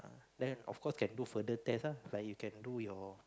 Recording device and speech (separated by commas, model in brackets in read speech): close-talking microphone, conversation in the same room